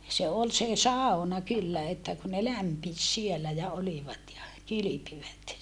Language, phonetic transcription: Finnish, se ol se sàona kyllä että ku ne lämpis sielä ja olivat ja , kylypivät .
- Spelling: se oli se sauna kyllä että kun ne lämpisi siellä ja olivat ja kylpivät

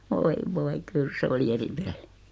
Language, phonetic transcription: Finnish, 'voi 'voi "kyl se oli "eri "pellɪ .
- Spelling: voi voi kyllä se oli eri peli

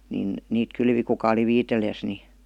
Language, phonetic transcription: Finnish, nin , 'niit 'kylvi kuka oli ''viitelijäs ni ,.
- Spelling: niin niitä kylvi kuka oli viitseliäs niin

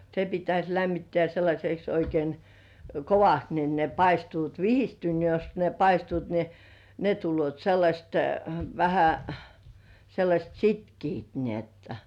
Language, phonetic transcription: Finnish, se 'pitäś lämmittĕä̀ sellaśeks 'oikein , "kovast niin ne 'paistuut , "vihistyn(- -) jos ne 'paistuut ni , ne 'tullŭòt 'sellaśt , vähä , sellaśt "sitkiit ni ‿otta .
- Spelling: se pitäisi lämmittää sellaiseksi oikein kovasti niin ne paistuvat - jos ne paistuvat niin ne tulevat sellaiset vähän sellaiset sitkeät niin jotta

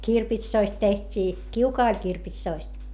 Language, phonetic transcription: Finnish, nii , kirpitsoist teht́ii , kiukaa oĺ kirpitsoist .
- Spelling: niin kirpitsoista tehtiin kiuas oli kirpitsoista

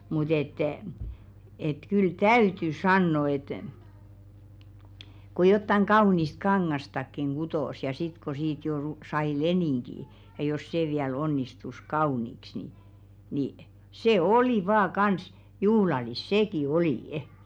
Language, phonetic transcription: Finnish, mut ‿et , et 'kyl "täyty 'sanno et , ko jottaŋ "ɢaunist "kaŋŋastakkiŋ 'ɢutòs ja sit ko 'siit jo ru- 'sai "lenìŋki , ja jos 'sè viäl 'onnistus "kaùniks ni , ni 'sè "olì 'vaa "kans , "juhlalis 'sèki "olì₍ᵊ .
- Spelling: mutta että että kyllä täytyy sanoa että kun jotakin kaunista kangastakin kutoi ja sitten kun siitä jo - sai leningin ja jos se vielä onnistui kauniiksi niin niin se oli vain kanssa juhlallista sekin oli

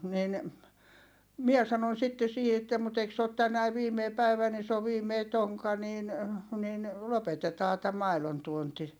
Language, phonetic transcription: Finnish, niin , mie sanon sitte siihi että » mut ‿eik se ot tänäi viimei päivä ni s ‿oo viimei toŋka niin , nin , lopetetaa tä mailontuonti .
- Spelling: niin minä sanoin sitten siihen että mutta eikö se ole tänään viimeinen päivä niin se on viimeinen tonkka niin niin lopetetaan tämä maidontuonti

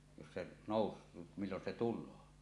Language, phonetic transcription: Finnish, jos se nòus- , millon se 'tul̆loo .
- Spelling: jos se nousee milloin se tulee

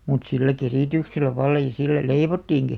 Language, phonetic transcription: Finnish, mut 'sillä "kerìtyksellä 'valla ja 'sillä "leivottiiŋki .
- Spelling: mutta sillä kerityksellä vallan ja sillä leivottiinkin

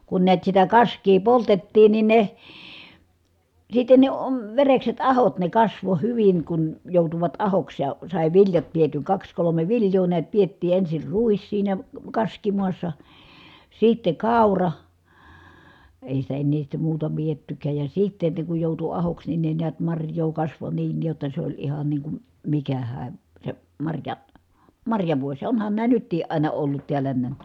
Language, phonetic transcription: Finnish, kun niät sitä kask̀ii poltettiin nin ne , sitten ne om- , verekset ahot ne kasvo hyviŋ kun , jòutuvat ahoks ja , sài viljat pietyŋ kaks kolome vilj̀oo niät piettii ensir ruis siinä , kaskimuassa , sitte kàura , èi sitä ennee sitte muuta piettykääj ja sitte ne kuj jòutu ahoks nin ne niät marj̀oo kasvo niin jotta s ‿oĺ ihan niiŋ kum , mikähää , se , marja- , marjavuos ja onhan nää nyttiiʼ ʼàina ollut tiäl̀ä näm(ä) .
- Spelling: kun näet sitä kaskea poltettiin niin ne sitten ne - verekset ahot ne kasvoi hyvin kun joutuivat ahoksi ja sai viljat pidetyn kaksi kolme viljaa näet pidettiin ensin ruis siinä kaskimaassa sitten kaura ei sitä enää sitten muuta pidettykään ja sitten ne kun joutui ahoksi niin ne näet marjaa kasvoi niin jotta se oli ihan niin kuin mikähän se - marjavuosi ja onhan nämä nytkin aina ollut täällä nämä

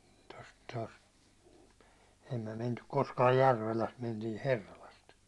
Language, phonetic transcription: Finnish, tost tost , ei myä 'mentyk 'koskaaj "Järveläst mentii "Herralast .
- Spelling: tuosta tuosta ei me mentykään koskaan Järvelästä mentiin Herralasta

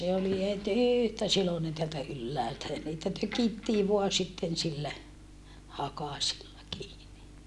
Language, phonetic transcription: Finnish, se oli het ỳhtä silonen teältä ylläältä ja niitä tökittii voa sitten sillä , hakasilla kiini .
- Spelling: se oli heti yhtä siloinen täältä ylhäältä ja niitä tökittiin vain sitten sillä hakasilla kiinni

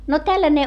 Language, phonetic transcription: Finnish, no tälläne .
- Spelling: no tällainen

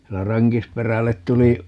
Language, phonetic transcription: Finnish, ('siinä) "Raŋkisperället 'tuli , .
- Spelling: siinä Rankisperälle tuli

